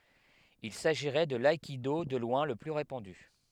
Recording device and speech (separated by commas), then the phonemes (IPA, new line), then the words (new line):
headset microphone, read sentence
il saʒiʁɛ də laikido də lwɛ̃ lə ply ʁepɑ̃dy
Il s'agirait de l'aïkido de loin le plus répandu.